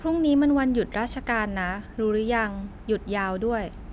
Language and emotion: Thai, neutral